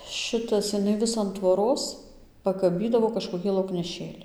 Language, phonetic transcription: Lithuanian, ˈšitas jiˈnai ˈvis an tvoˈros pakaˈbydavo kažkoˈkį laukneˈšėli

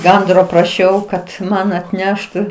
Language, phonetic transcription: Lithuanian, ˈgandro praˈšiau kad ˈman atˈneštu

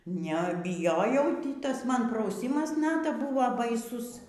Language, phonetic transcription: Lithuanian, nebiˈjojau ˈtį ˈtas ˈman prauˈsymas ˈnata ˈbuvo baiˈsus

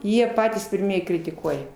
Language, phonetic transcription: Lithuanian, ˈjie ˈpatys pirˈmiej kritiˈkuoja

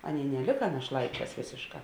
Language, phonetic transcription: Lithuanian, ˈaˌnėi neˈlika našˈlaiˌčēs ˈvėsėšˌkā

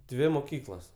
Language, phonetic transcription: Lithuanian, ˈdvi moˈkyklas

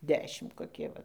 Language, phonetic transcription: Lithuanian, ˈdešim koˈkie ˈva

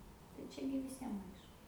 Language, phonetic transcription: Lithuanian, tai ˈčia gi viˈsiem ˈaišku

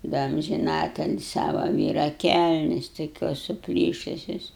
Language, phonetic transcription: Lithuanian, ˈda amžiˈnateli ˈsava ˈvyra ˈkælnes toˈkios suˈplyšusios

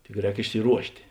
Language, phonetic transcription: Lithuanian, tik ˈrēk išsiˈruoštė

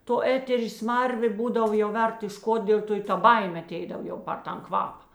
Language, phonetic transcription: Lithuanian, to ˈeterė ˈsmarvė ˈbūdav jau ˈvert iš ˈkot ˈdėl' to i ˈta ˈbaimė aˈteidav ˈjau par ˈtan ˈkvapa

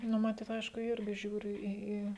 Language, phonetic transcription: Lithuanian, ˈnu maˈtyt ˈaišku ˈirgi ˈžiūri ˈį ˈį

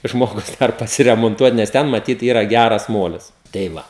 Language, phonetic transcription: Lithuanian, ˈžmogus ˈdar pasiremonˈtuot nes ˈten maˈtyt ˈyra ˈgæras ˈmolis tei ˈva

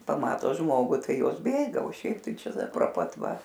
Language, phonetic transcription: Lithuanian, paˈmato ˈžmogu ˈtai ˈjos ˈbėga o ˈšiaip ˈtai ˈčia pro ˈpat ˈva

